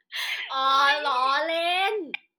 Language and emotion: Thai, happy